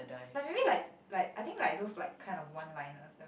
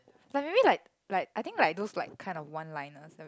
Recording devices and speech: boundary microphone, close-talking microphone, conversation in the same room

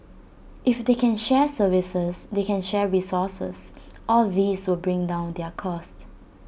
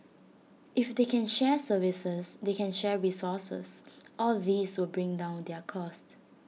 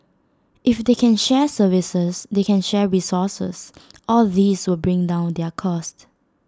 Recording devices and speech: boundary microphone (BM630), mobile phone (iPhone 6), standing microphone (AKG C214), read sentence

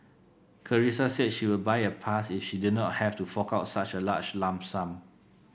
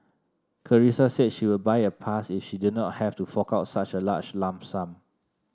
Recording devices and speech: boundary microphone (BM630), standing microphone (AKG C214), read sentence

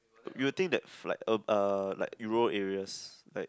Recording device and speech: close-talking microphone, conversation in the same room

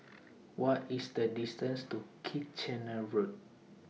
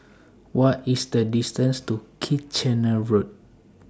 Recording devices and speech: mobile phone (iPhone 6), standing microphone (AKG C214), read sentence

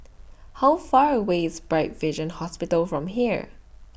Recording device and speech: boundary microphone (BM630), read sentence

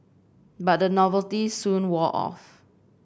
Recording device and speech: boundary microphone (BM630), read sentence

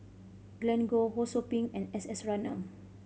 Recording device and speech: mobile phone (Samsung C5010), read sentence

